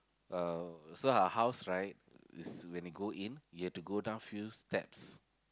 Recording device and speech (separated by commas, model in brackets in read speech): close-talking microphone, conversation in the same room